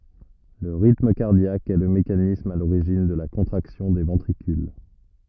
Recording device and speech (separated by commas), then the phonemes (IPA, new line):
rigid in-ear microphone, read sentence
lə ʁitm kaʁdjak ɛ lə mekanism a loʁiʒin də la kɔ̃tʁaksjɔ̃ de vɑ̃tʁikyl